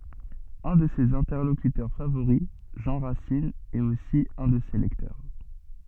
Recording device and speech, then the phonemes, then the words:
soft in-ear microphone, read sentence
œ̃ də sez ɛ̃tɛʁlokytœʁ favoʁi ʒɑ̃ ʁasin ɛt osi œ̃ də se lɛktœʁ
Un de ses interlocuteurs favoris Jean Racine est aussi un de ses lecteurs.

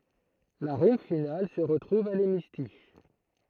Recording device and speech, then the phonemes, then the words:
throat microphone, read sentence
la ʁim final sə ʁətʁuv a lemistiʃ
La rime finale se retrouve à l’hémistiche.

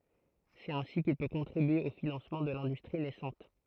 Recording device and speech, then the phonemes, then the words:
throat microphone, read sentence
sɛt ɛ̃si kil pø kɔ̃tʁibye o finɑ̃smɑ̃ də lɛ̃dystʁi nɛsɑ̃t
C'est ainsi qu'il peut contribuer au financement de l'industrie naissante.

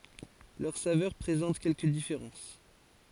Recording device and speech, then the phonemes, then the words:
forehead accelerometer, read sentence
lœʁ savœʁ pʁezɑ̃t kɛlkə difeʁɑ̃s
Leurs saveurs présentent quelques différences.

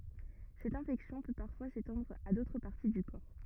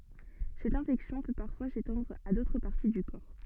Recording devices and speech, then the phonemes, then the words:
rigid in-ear microphone, soft in-ear microphone, read sentence
sɛt ɛ̃fɛksjɔ̃ pø paʁfwa setɑ̃dʁ a dotʁ paʁti dy kɔʁ
Cette infection peut parfois s'étendre à d'autres parties du corps.

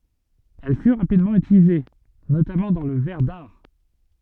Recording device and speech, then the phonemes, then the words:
soft in-ear microphone, read sentence
ɛl fy ʁapidmɑ̃ ytilize notamɑ̃ dɑ̃ lə vɛʁ daʁ
Elle fut rapidement utilisée, notamment dans le verre d'art.

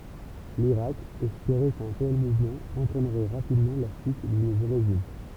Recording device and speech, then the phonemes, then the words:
temple vibration pickup, read sentence
liʁak ɛspeʁɛ kœ̃ tɛl muvmɑ̃ ɑ̃tʁɛnʁɛ ʁapidmɑ̃ la ʃyt dy nuvo ʁeʒim
L'Irak espérait qu'un tel mouvement entraînerait rapidement la chute du nouveau régime.

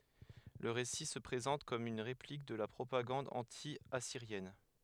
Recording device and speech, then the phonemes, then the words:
headset microphone, read sentence
lə ʁesi sə pʁezɑ̃t kɔm yn ʁeplik də la pʁopaɡɑ̃d ɑ̃tjasiʁjɛn
Le récit se présente comme une réplique de la propagande anti-assyrienne.

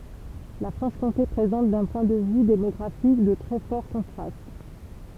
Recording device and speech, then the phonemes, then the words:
temple vibration pickup, read sentence
la fʁɑ̃ʃkɔ̃te pʁezɑ̃t dœ̃ pwɛ̃ də vy demɔɡʁafik də tʁɛ fɔʁ kɔ̃tʁast
La Franche-Comté présente, d'un point de vue démographique, de très forts contrastes.

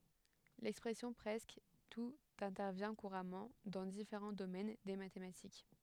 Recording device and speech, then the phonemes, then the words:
headset microphone, read sentence
lɛkspʁɛsjɔ̃ pʁɛskə tut ɛ̃tɛʁvjɛ̃ kuʁamɑ̃ dɑ̃ difeʁɑ̃ domɛn de matematik
L'expression presque tout intervient couramment dans différents domaines des mathématiques.

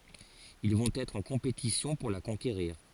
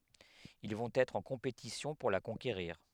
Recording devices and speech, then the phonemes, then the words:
forehead accelerometer, headset microphone, read sentence
il vɔ̃t ɛtʁ ɑ̃ kɔ̃petisjɔ̃ puʁ la kɔ̃keʁiʁ
Ils vont être en compétition pour la conquérir.

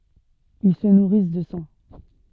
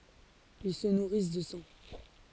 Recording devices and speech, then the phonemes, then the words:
soft in-ear microphone, forehead accelerometer, read sentence
il sə nuʁis də sɑ̃
Ils se nourrissent de sang.

